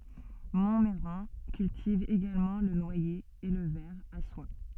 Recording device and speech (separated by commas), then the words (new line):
soft in-ear microphone, read sentence
Montmeyran cultive également le noyer et le ver à soie.